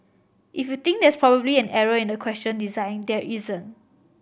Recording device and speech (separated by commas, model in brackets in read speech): boundary microphone (BM630), read sentence